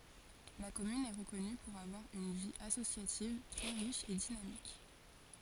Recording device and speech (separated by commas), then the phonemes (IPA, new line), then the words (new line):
forehead accelerometer, read sentence
la kɔmyn ɛ ʁəkɔny puʁ avwaʁ yn vi asosjativ tʁɛ ʁiʃ e dinamik
La commune est reconnue pour avoir une vie associative très riche et dynamique.